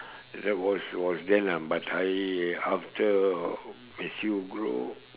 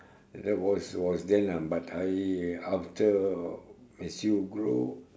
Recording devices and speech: telephone, standing microphone, conversation in separate rooms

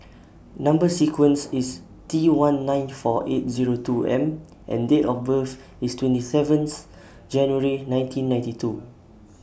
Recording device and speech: boundary microphone (BM630), read sentence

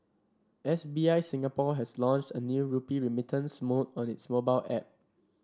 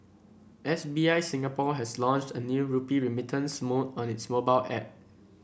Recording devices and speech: standing microphone (AKG C214), boundary microphone (BM630), read sentence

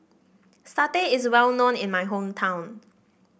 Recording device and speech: boundary microphone (BM630), read sentence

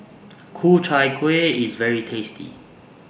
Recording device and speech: boundary microphone (BM630), read sentence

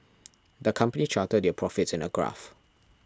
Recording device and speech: standing microphone (AKG C214), read sentence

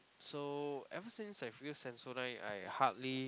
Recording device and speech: close-talking microphone, conversation in the same room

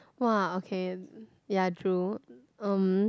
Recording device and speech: close-talking microphone, conversation in the same room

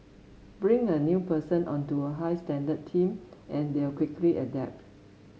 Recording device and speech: mobile phone (Samsung S8), read sentence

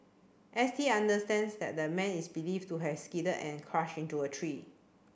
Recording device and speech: boundary microphone (BM630), read sentence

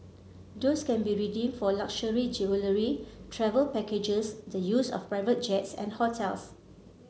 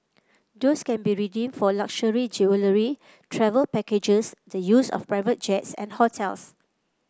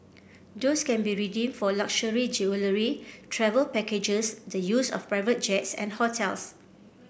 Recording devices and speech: mobile phone (Samsung C7), close-talking microphone (WH30), boundary microphone (BM630), read sentence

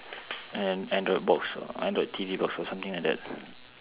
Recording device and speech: telephone, conversation in separate rooms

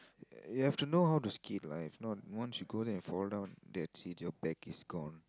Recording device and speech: close-talking microphone, conversation in the same room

